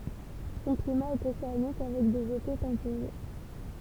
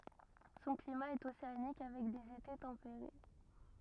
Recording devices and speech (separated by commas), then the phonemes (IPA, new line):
temple vibration pickup, rigid in-ear microphone, read sentence
sɔ̃ klima ɛt oseanik avɛk dez ete tɑ̃peʁe